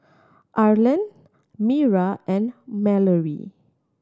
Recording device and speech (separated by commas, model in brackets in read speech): standing microphone (AKG C214), read sentence